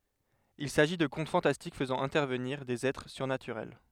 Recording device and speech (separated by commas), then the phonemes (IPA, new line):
headset microphone, read sentence
il saʒi də kɔ̃t fɑ̃tastik fəzɑ̃ ɛ̃tɛʁvəniʁ dez ɛtʁ syʁnatyʁɛl